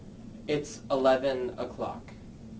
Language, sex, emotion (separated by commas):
English, male, neutral